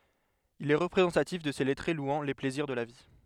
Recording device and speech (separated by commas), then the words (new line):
headset microphone, read sentence
Il est représentatif de ces lettrés louant les plaisirs de la vie.